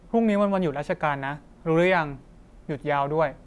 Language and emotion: Thai, neutral